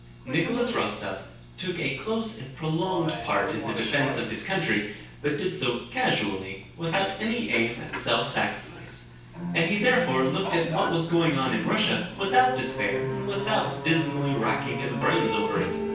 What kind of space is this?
A large room.